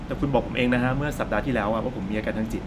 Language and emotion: Thai, frustrated